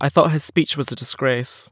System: none